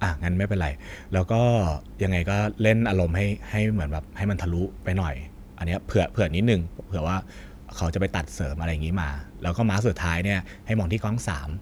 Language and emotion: Thai, neutral